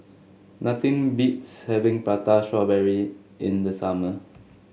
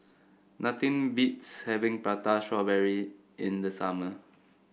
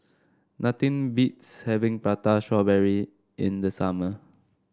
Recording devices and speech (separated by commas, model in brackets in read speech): mobile phone (Samsung S8), boundary microphone (BM630), standing microphone (AKG C214), read sentence